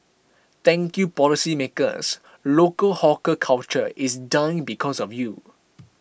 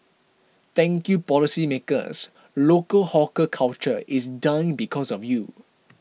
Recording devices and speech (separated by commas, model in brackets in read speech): boundary microphone (BM630), mobile phone (iPhone 6), read sentence